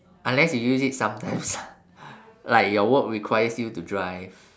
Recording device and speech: standing microphone, conversation in separate rooms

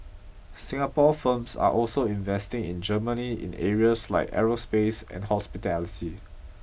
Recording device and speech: boundary microphone (BM630), read sentence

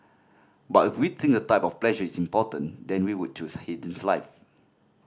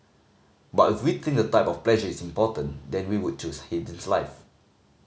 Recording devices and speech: standing microphone (AKG C214), mobile phone (Samsung C5010), read sentence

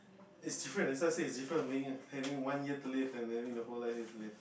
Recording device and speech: boundary microphone, conversation in the same room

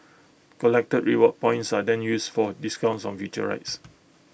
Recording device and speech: boundary microphone (BM630), read sentence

